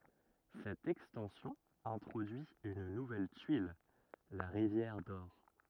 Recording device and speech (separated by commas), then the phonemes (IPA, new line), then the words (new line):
rigid in-ear microphone, read sentence
sɛt ɛkstɑ̃sjɔ̃ ɛ̃tʁodyi yn nuvɛl tyil la ʁivjɛʁ dɔʁ
Cette extension introduit une nouvelle tuile, la rivière d'or.